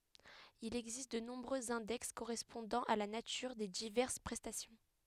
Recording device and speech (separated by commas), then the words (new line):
headset microphone, read sentence
Il existe de nombreux index correspondant à la nature des diverses prestations.